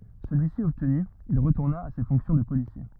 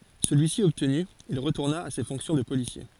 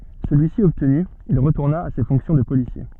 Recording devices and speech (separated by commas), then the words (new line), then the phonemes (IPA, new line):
rigid in-ear microphone, forehead accelerometer, soft in-ear microphone, read sentence
Celui-ci obtenu, il retourna à ses fonctions de policier.
səlyisi ɔbtny il ʁətuʁna a se fɔ̃ksjɔ̃ də polisje